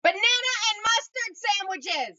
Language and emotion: English, neutral